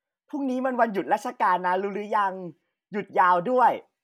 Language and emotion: Thai, happy